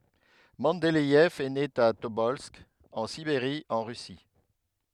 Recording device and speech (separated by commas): headset microphone, read sentence